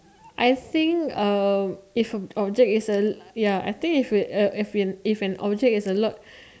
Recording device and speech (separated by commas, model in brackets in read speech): standing microphone, conversation in separate rooms